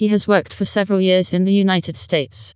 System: TTS, vocoder